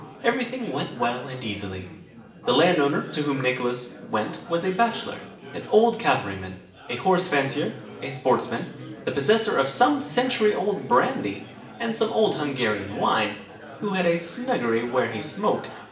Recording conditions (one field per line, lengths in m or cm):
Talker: one person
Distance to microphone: 1.8 m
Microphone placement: close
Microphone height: 1.0 m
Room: large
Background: babble